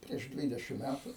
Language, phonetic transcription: Lithuanian, prieš ˈdvydešim ˈmætu

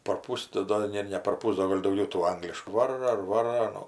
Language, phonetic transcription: Lithuanian, parˈpus tai ˈdo ˈne ne parˈpus ˈdo gal' dauˈgiau tų ˈangliškų ˈvaro ir ˈvaro aˈnų

